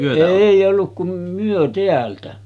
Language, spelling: Finnish, ei ollut kuin me täältä
- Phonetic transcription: 'èij ‿olluk kum 'myö 'teältä .

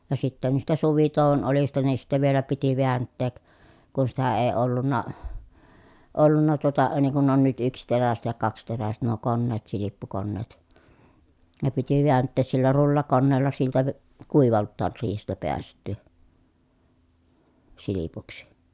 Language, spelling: Finnish, ja sitten niistä suvitouon oljista niin sitten vielä piti vääntää kun sitä ei ollut ollut tuota niin kuin on nyt yksiteräiset ja kaksiteräiset nuo koneet silppukoneet ne piti vääntää sillä rullakoneella siltä - kuivaltaan riihestä päästyä silpuksi
- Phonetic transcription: ja sittä niistä suvitòuᵛon olista niin sittä vielä piti veäntteek , kun sitä ee ollunna , ollunna tuota niŋ kun on nyt yksteräset ja kaksteräset nuo konneet silippukonneet , ne piti viänttees sillä rullakonneella siltä k- , kuivalttaar riihestä peäst̀yy , silipuksI .

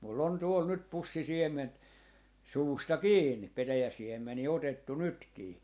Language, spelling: Finnish, minulla on tuolla nyt pussi siementä suusta kiinni petäjän siemeniä otettu nytkin
- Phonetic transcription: mul'l ‿on 'tuol 'nyt 'pussi "siem̆ment , 'suusta "kiinni , 'petäjä 'siemmenii 'otettu 'nytkii .

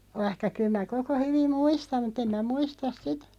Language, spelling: Finnish, vaikka kyllä minä koko hyvin muistan mutta en minä muista sitä
- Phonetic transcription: 'vaⁱhka 'kyl mä 'koko 'hyvim "muistam mu't ‿em mä 'muistas "sitᴀ̈ .

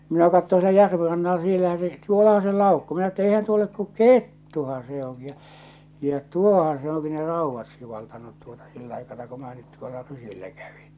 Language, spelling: Finnish, minä katsoin siellä järven rannalla siellähän se tuollahan se laukkoi minä että eihän tuo ole kun kettuhan se onkin ja ja tuohan se onkin ne raudat sivaltanut tuota sillä aikana kun minä nyt tuolla rysillä kävin
- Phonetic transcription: minä katto sielä 'järve rannala 'siellähää̰ se 'tuolaha se 'làukko̳ minä että eihän tuo olek ku "kettuhaa̰ se oŋki ja , ja "tuohaa̰ se oŋki ne "ràuvvat sivaltanut tuotᴀ sill ‿aikana ku mⁱⁿää nyt tuolla 'rysillä käᴠɪ .

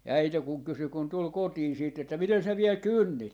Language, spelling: Finnish, ja äiti kun kysyi kun tuli kotiin sitten että miten sinä vielä kynnit
- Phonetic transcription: ja "äite kuŋ 'kysy kun 'tul "kotiin̬ siit että » 'miten sä 'viɛl "kynnit » .

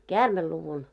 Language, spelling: Finnish, käärmeluvun
- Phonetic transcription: käärmel'luvun .

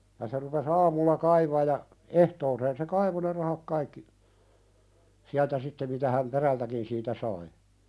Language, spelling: Finnish, ja se rupesi aamulla kaivamaan ja ehtooseen se kaivoi ne rahat kaikki sieltä sitten mitä hän perältäkin siitä sai
- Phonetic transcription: ja se rupe"s ‿aamulla 'kaivaaʲ ja , 'ehtooseen se "kaivo ne 'rahak kaikki , 'siältä sitte mitä häm "perältäkin siitä 'sai .

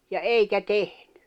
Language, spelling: Finnish, ja eikä tehnyt
- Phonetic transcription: ja "eikä "tehɴʏ .

